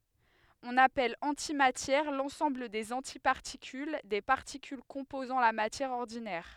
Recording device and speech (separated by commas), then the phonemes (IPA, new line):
headset microphone, read sentence
ɔ̃n apɛl ɑ̃timatjɛʁ lɑ̃sɑ̃bl dez ɑ̃tipaʁtikyl de paʁtikyl kɔ̃pozɑ̃ la matjɛʁ ɔʁdinɛʁ